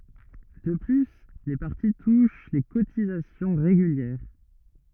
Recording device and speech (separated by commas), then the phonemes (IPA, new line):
rigid in-ear microphone, read sentence
də ply le paʁti tuʃ le kotizasjɔ̃ ʁeɡyljɛʁ